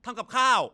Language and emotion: Thai, angry